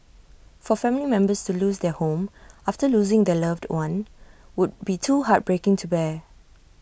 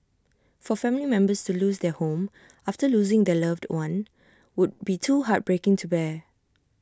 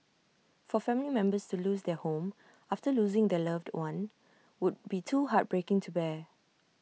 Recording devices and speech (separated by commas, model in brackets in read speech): boundary microphone (BM630), standing microphone (AKG C214), mobile phone (iPhone 6), read sentence